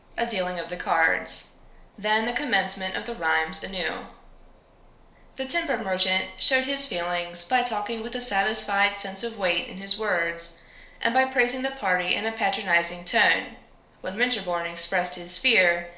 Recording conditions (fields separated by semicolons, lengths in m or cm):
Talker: one person; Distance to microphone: 1.0 m; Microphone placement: close; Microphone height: 1.1 m; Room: small (3.7 m by 2.7 m); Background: none